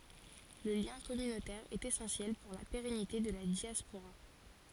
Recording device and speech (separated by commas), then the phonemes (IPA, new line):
forehead accelerometer, read sentence
lə ljɛ̃ kɔmynotɛʁ ɛt esɑ̃sjɛl puʁ la peʁɛnite də la djaspoʁa